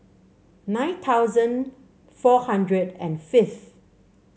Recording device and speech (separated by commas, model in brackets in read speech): mobile phone (Samsung C7), read sentence